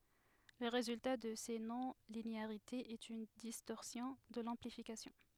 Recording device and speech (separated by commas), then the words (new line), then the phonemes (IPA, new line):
headset microphone, read sentence
Le résultat de ces non-linéarités est une distorsion de l'amplification.
lə ʁezylta də se nɔ̃lineaʁitez ɛt yn distɔʁsjɔ̃ də lɑ̃plifikasjɔ̃